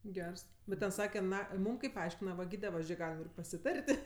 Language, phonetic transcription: Lithuanian, ˈgers ˈbet ten ˈsake ˈna ˈmūm kaip ˈaiškina va ˈgyde ˈva ˈžė ˈgalim ir pasiˈtar't'

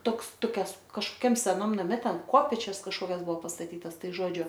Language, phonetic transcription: Lithuanian, ˈtoks toˈkias kažkoˈkiam seˈnam naˈme ˈten ˈkopėčias kažˈkokias ˈbuvo pastaˈtytas ˈtai ˈžodžiu

